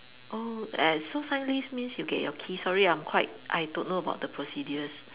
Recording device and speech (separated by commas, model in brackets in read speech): telephone, conversation in separate rooms